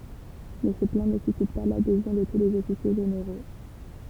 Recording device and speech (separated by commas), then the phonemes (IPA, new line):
temple vibration pickup, read sentence
mɛ sə plɑ̃ nə sysit pa ladezjɔ̃ də tu lez ɔfisje ʒeneʁo